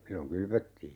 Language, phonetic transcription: Finnish, 'silloŋ "kylvöttii .
- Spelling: silloin kylvettiin

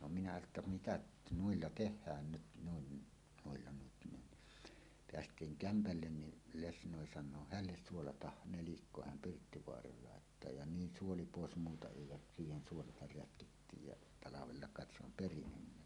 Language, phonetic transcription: Finnish, no minä että "mitäˀ , "nuilla "teh̆hään 'nyt 'nuin , nuilla nyt nin , 'peäst̀iiŋ "kämpällen ni , 'lesnòi san̆noo » "hälles 'suolatah 'nelikko häm "Pirttivoaraal 'làettaa « ja "niin 'suoli 'pòes muuta èi ja , siihen 'suolatar "rätkittiij ja , 'talavella kàet se ‿om "perinyn 'ne .
- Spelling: no minä että mitä noilla tehdään nyt noin niillä nyt niin päästiin kämpälle niin lesnoi sanoo hänelle suolataan nelikko hän Pirttivaaraan laittaa ja niin suoli pois muuta ei ja siihen suolaa rätkittiin ja talvella kai se on perinyt ne

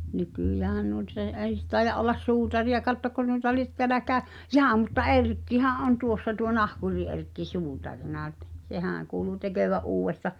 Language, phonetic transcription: Finnish, 'nykỳjäähän (nuit- s ‿èi̬) 'ei s- 'tai̬ja’ ’ollas "suutari₍aka̳t tokko nuĭta liĕt 'teäläkää , "jaa mutta "Erkkihä’ '’on "tuossa tuo "nahkuri-'Erkki 'suutarina [?ny]t .
- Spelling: nykyäänhän - - ei ei - taida olla suutariakaan tokko noita lie täälläkään jaa mutta Erkkihän on tuossa tuo nahkuri-Erkki suutarina nyt

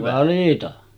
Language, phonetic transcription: Finnish, 'valita .
- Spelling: valita

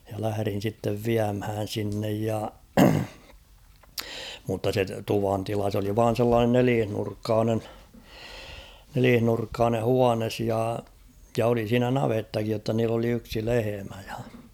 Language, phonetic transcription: Finnish, ja lähᵃ̈rin̬ sittev "viämhään̬ 'sinnej ja , mutta se 'tuvantila s ‿oli 'vaan̬ sellaanen 'neliihnurkkaanen , 'neliihnurkkaane "huanes ja , ja 'oli siinä "navettakij jotta niill ‿oli 'yksi "lehemä ᴊᴀ .
- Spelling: ja lähdin sitten viemään sinne ja mutta se tuvantila se oli vain sellainen nelinurkkainen nelinurkkainen huone ja ja oli siinä navettakin jotta niillä oli yksi lehmä ja

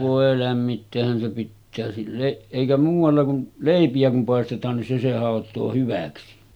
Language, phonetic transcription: Finnish, vòe 'lämmitteehhän se pittää silleˀ 'ˀèikä muuv̆valla kun , 'lèipi₍ä kum pàestet̀aan nin se se 'hàot̆too 'hyväksi .
- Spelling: voi lämmittäähän se pitää sille eikä muualla kuin leipiä kun paistetaan niin se se hautoo hyväksi

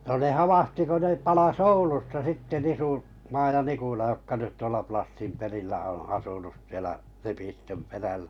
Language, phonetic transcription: Finnish, no ne 'havahti ko 'ne palas "Oulusta sitte 'Nisu- -Maa ja 'Nkula jokka 'nyt 'tuola Plassim 'perillä oo̰ 'asunus sielä , 'Lepistöm peräʟᴀ̈ .
- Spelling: no ne havahtui kun ne palasi Oulusta sitten - Nisumaa ja Nikula jotka nyt tuolla Plassin perillä on asunut siellä Lepistön perällä

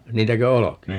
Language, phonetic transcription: Finnish, 'niitäkö "olo(keja) ?
- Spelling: niitäkö olkia

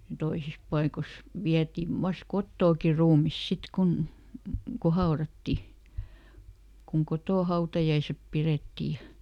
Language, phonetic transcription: Finnish, ˈtoisis ˈpaikos , ˈviätiv ˈvas "kottooki ruumis ˈsit kun , ko ˈhaoratti , kuŋ "kotò ˈhautajaisep ˈpirettii ja ,.
- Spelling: toisissa paikoissa vietiin vain kotoakin ruumis sitten kun kun haudattiin kun kotona hautajaiset pidettiin ja

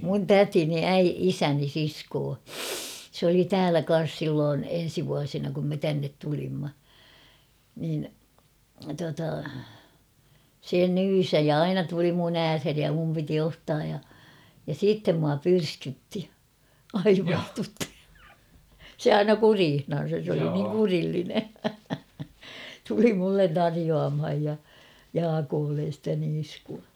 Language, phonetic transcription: Finnish, mun "tätini 'äi- "isäni siskoo , s ‿oli "täälä 'kan̬s 'silloon 'en̬si vuasina kum me 'tännet tulimma , niin tuata , 'se "nyysä[h] ja "aina tuli mun ‿"äärheni ja muni piti 'ottaaj ja , ja "siittem mua 'pyrskytti , 'aivastutti , "se 'aina "kuriihnan̬sas sᵉ ‿oli niiŋ 'kurilline , 'tuli mullen "tarijoamhaj ., ja , 'Jaakoollen̬ stä 'niiskua .
- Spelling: minun tätini - isäni sisko se oli täällä kanssa silloin ensi vuosina kun me tänne tulimme niin tuota se nyysäsi ja aina tuli minun ääreeni ja minun piti ottaa ja ja sitten minua pyrskytti aivastutti se aina kureissansa se oli niin kurillinen tuli minulle tarjoamaan ja Jaakolle sitä niiskua

